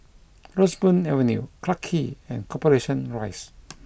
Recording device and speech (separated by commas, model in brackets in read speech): boundary microphone (BM630), read sentence